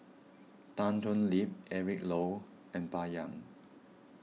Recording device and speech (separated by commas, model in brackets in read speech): mobile phone (iPhone 6), read sentence